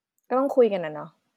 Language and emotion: Thai, frustrated